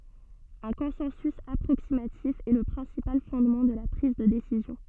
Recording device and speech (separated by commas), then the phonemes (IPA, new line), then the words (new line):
soft in-ear microphone, read sentence
œ̃ kɔ̃sɑ̃sy apʁoksimatif ɛ lə pʁɛ̃sipal fɔ̃dmɑ̃ də la pʁiz də desizjɔ̃
Un consensus approximatif est le principal fondement de la prise de décision.